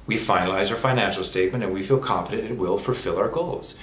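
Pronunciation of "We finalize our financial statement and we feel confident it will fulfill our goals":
At this faster, real-time speed, the flow of the f sounds is still there; it is tiny, but it is there.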